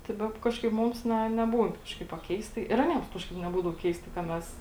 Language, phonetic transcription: Lithuanian, tai ˈbep ˈkažkaip ˈmums ˈne neˈbūn ˈkažkaip a ˈkeistai ir aˈniems ˈkažkaip neˈbūdavo ˈkeistai ka ˈmes

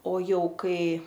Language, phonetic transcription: Lithuanian, o ˈjau ˈkai

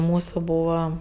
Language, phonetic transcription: Lithuanian, ˈmūsu ˈbūva

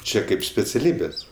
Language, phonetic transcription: Lithuanian, ˈčia ˈkaip speciaˈlybės

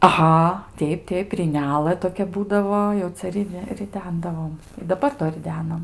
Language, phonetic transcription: Lithuanian, aˈha ˈteip ˈteip ryˈnelɘ toˈkia ˈbūdavo jau ˈcia riˈde riˈdendavom daˈbar do riˈdenam

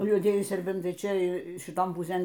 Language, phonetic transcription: Lithuanian, juoˈdieji serˈbentai ˈčia šiˈton puˈsėn

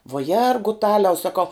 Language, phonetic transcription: Lithuanian, vuo ˈjergutaliau saˈkau

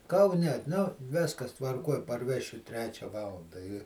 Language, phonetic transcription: Lithuanian, kauˈne nu ˈviskas tvarˈkuoj parˈvešiu ˈtrečia ˈvalanda i

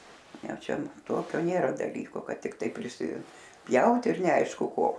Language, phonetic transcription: Lithuanian, ˈjau ˈčia ˈtokio ˈnėra daˈlyko ˈkad tikˈtai prisiˈpjaut ir neˈaišku ˈko

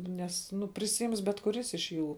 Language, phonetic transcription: Lithuanian, ˈnes ˈnu prisiˈims bet kuˈris iš ˈjų

